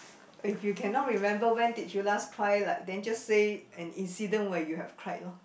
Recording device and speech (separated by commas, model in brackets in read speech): boundary microphone, conversation in the same room